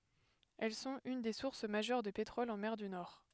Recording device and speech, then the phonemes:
headset microphone, read sentence
ɛl sɔ̃t yn de suʁs maʒœʁ də petʁɔl ɑ̃ mɛʁ dy nɔʁ

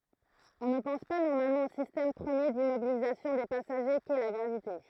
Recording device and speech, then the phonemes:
throat microphone, read sentence
ɔ̃ nə pɑ̃s pa nɔʁmalmɑ̃ o sistɛm pʁəmje dimmobilizasjɔ̃ de pasaʒe kɛ la ɡʁavite

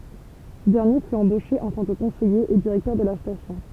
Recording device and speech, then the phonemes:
temple vibration pickup, read sentence
sə dɛʁnje fy ɑ̃boʃe ɑ̃ tɑ̃ kə kɔ̃sɛje e diʁɛktœʁ də la stasjɔ̃

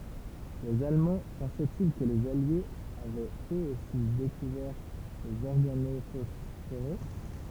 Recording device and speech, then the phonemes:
temple vibration pickup, read sentence
lez almɑ̃ pɑ̃sɛti kə lez aljez avɛt øz osi dekuvɛʁ lez ɔʁɡanofɔsfoʁe

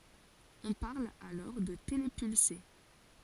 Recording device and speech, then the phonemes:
forehead accelerometer, read sentence
ɔ̃ paʁl alɔʁ də telepylse

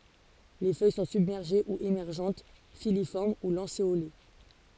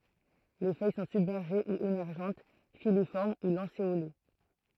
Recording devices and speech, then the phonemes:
forehead accelerometer, throat microphone, read sentence
le fœj sɔ̃ sybmɛʁʒe u emɛʁʒɑ̃t filifɔʁm u lɑ̃seole

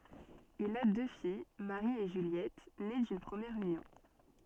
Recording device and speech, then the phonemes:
soft in-ear microphone, read sentence
il a dø fij maʁi e ʒyljɛt ne dyn pʁəmjɛʁ ynjɔ̃

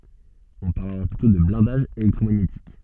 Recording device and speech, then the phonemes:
soft in-ear microphone, read sentence
ɔ̃ paʁl alɔʁ plytɔ̃ də blɛ̃daʒ elɛktʁomaɲetik

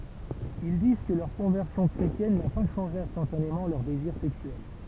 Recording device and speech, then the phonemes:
temple vibration pickup, read sentence
il diz kə lœʁ kɔ̃vɛʁsjɔ̃ kʁetjɛn na pa ʃɑ̃ʒe ɛ̃stɑ̃tanemɑ̃ lœʁ deziʁ sɛksyɛl

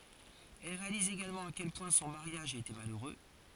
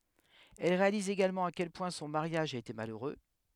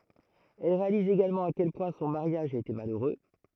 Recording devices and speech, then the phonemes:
forehead accelerometer, headset microphone, throat microphone, read sentence
ɛl ʁealiz eɡalmɑ̃ a kɛl pwɛ̃ sɔ̃ maʁjaʒ a ete maløʁø

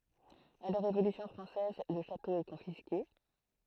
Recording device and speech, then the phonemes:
throat microphone, read sentence
a la ʁevolysjɔ̃ fʁɑ̃sɛz lə ʃato ɛ kɔ̃fiske

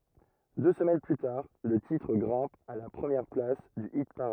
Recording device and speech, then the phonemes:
rigid in-ear microphone, read sentence
dø səmɛn ply taʁ lə titʁ ɡʁɛ̃p a la pʁəmjɛʁ plas dy ipaʁad

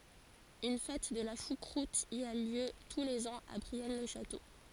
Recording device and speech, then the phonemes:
forehead accelerometer, read sentence
yn fɛt də la ʃukʁut i a ljø tu lez ɑ̃z a bʁiɛn lə ʃato

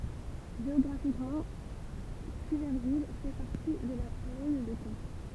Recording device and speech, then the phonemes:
temple vibration pickup, read sentence
ʒeɔɡʁafikmɑ̃ kyvɛʁvil fɛ paʁti də la plɛn də kɑ̃

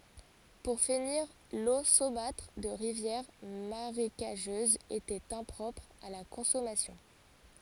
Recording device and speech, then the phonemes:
forehead accelerometer, read sentence
puʁ finiʁ lo somatʁ də ʁivjɛʁ maʁekaʒøzz etɛt ɛ̃pʁɔpʁ a la kɔ̃sɔmasjɔ̃

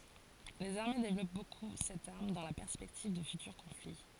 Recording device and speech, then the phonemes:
forehead accelerometer, read sentence
lez aʁme devlɔp boku sɛt aʁm dɑ̃ la pɛʁspɛktiv də fytyʁ kɔ̃fli

